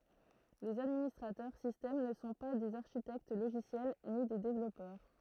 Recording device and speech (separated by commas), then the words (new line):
throat microphone, read sentence
Les administrateurs système ne sont pas des architectes logiciels ni des développeurs.